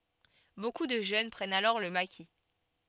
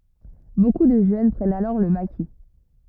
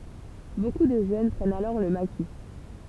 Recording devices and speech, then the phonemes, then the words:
soft in-ear microphone, rigid in-ear microphone, temple vibration pickup, read sentence
boku də ʒøn pʁɛnt alɔʁ lə maki
Beaucoup de jeunes prennent alors le maquis.

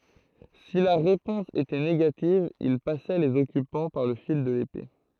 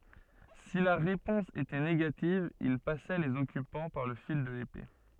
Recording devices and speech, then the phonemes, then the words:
throat microphone, soft in-ear microphone, read sentence
si la ʁepɔ̃s etɛ neɡativ il pasɛ lez ɔkypɑ̃ paʁ lə fil də lepe
Si la réponse était négative ils passaient les occupants par le fil de l'épée.

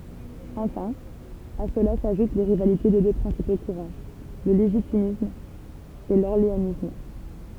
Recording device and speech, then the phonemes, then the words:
temple vibration pickup, read sentence
ɑ̃fɛ̃ a səla saʒut le ʁivalite de dø pʁɛ̃sipo kuʁɑ̃ lə leʒitimist e lɔʁleanist
Enfin, à cela s’ajoutent les rivalités des deux principaux courants, le légitimiste et l’orléaniste.

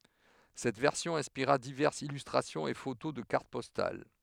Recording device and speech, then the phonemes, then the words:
headset microphone, read sentence
sɛt vɛʁsjɔ̃ ɛ̃spiʁa divɛʁsz ilystʁasjɔ̃z e foto də kaʁt pɔstal
Cette version inspira diverses illustrations et photos de cartes postales.

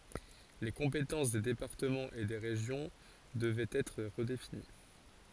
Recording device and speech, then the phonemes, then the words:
forehead accelerometer, read sentence
le kɔ̃petɑ̃s de depaʁtəmɑ̃z e de ʁeʒjɔ̃ dəvɛt ɛtʁ ʁədefini
Les compétences des départements et des régions devaient être redéfinies.

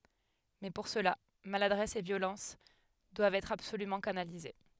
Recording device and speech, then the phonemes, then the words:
headset microphone, read sentence
mɛ puʁ səla maladʁɛs e vjolɑ̃s dwavt ɛtʁ absolymɑ̃ kanalize
Mais pour cela, maladresse et violence doivent être absolument canalisées.

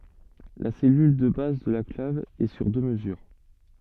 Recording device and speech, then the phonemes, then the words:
soft in-ear microphone, read sentence
la sɛlyl də baz də la klav ɛ syʁ dø məzyʁ
La cellule de base de la clave est sur deux mesures.

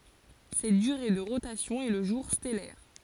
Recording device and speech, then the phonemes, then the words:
forehead accelerometer, read sentence
sɛt dyʁe də ʁotasjɔ̃ ɛ lə ʒuʁ stɛlɛʁ
Cette durée de rotation est le jour stellaire.

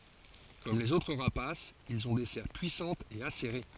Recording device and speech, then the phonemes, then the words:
forehead accelerometer, read sentence
kɔm lez otʁ ʁapasz ilz ɔ̃ de sɛʁ pyisɑ̃tz e aseʁe
Comme les autres rapaces, ils ont des serres puissantes et acérées.

